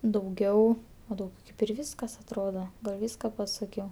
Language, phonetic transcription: Lithuanian, dauˈgiau o dauˈgiau kaip ir ˈvyskas atˈroda ˈvyska paˈsakiau

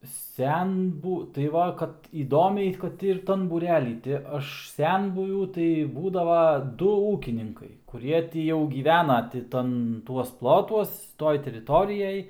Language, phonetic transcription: Lithuanian, ˈsenbū tai ˈva kad įˈdomiai ˈkad ir ˈtan būˈrely ti ˈaš ˈsenbuvių tai ˈbūdava ˈdu ˈūkininkai kuˈrie ˈtį jau gyˈvena ti ˈtan ˈtuos ˈplotuos ˈtoj teriˈtorijaj

